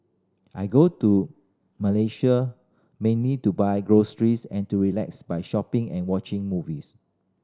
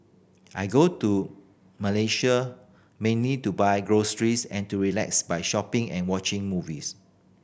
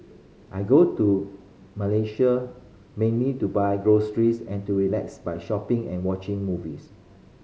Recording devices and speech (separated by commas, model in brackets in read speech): standing microphone (AKG C214), boundary microphone (BM630), mobile phone (Samsung C5010), read sentence